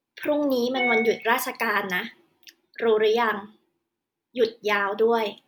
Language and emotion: Thai, neutral